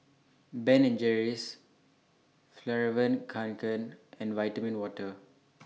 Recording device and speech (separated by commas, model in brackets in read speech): mobile phone (iPhone 6), read sentence